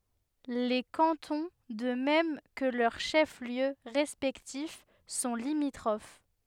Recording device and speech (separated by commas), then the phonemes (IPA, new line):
headset microphone, read sentence
le kɑ̃tɔ̃ də mɛm kə lœʁ ʃɛfsljø ʁɛspɛktif sɔ̃ limitʁof